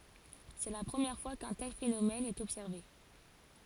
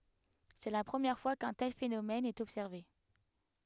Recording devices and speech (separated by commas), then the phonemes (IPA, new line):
forehead accelerometer, headset microphone, read sentence
sɛ la pʁəmjɛʁ fwa kœ̃ tɛl fenomɛn ɛt ɔbsɛʁve